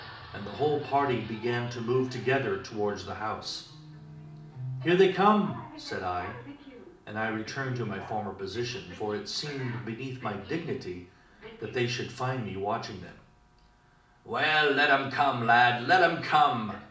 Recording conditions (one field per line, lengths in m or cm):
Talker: one person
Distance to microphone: 2.0 m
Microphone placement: close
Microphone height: 99 cm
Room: medium-sized (5.7 m by 4.0 m)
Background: television